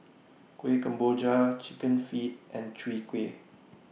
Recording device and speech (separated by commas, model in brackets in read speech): mobile phone (iPhone 6), read sentence